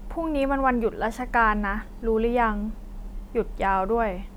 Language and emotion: Thai, frustrated